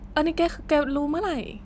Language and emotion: Thai, frustrated